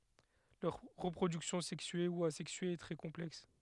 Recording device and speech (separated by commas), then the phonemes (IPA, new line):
headset microphone, read sentence
lœʁ ʁəpʁodyksjɔ̃ sɛksye u azɛksye ɛ tʁɛ kɔ̃plɛks